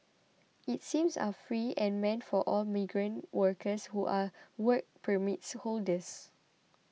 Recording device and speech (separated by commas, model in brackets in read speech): mobile phone (iPhone 6), read sentence